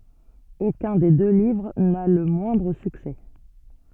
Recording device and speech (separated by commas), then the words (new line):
soft in-ear microphone, read sentence
Aucun des deux livres n'a le moindre succès.